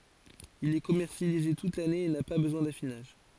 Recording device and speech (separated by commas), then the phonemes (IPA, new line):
forehead accelerometer, read sentence
il ɛ kɔmɛʁsjalize tut lane e na pa bəzwɛ̃ dafinaʒ